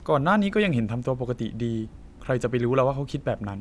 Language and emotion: Thai, neutral